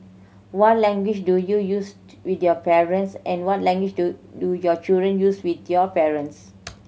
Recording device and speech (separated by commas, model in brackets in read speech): mobile phone (Samsung C7100), read sentence